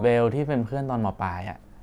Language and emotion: Thai, neutral